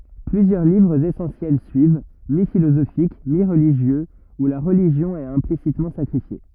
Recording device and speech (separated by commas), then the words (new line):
rigid in-ear microphone, read sentence
Plusieurs livres essentiels suivent, mi-philosophiques, mi-religieux, où la religion est implicitement sacrifiée.